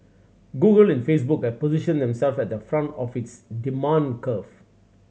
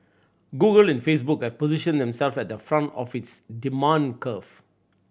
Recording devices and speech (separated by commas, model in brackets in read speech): mobile phone (Samsung C7100), boundary microphone (BM630), read sentence